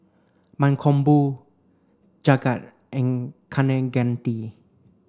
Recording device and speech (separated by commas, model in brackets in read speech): standing microphone (AKG C214), read sentence